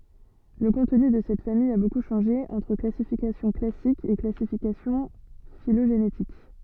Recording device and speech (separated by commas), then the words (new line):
soft in-ear microphone, read sentence
Le contenu de cette famille a beaucoup changé entre classification classique et classification phylogénétique.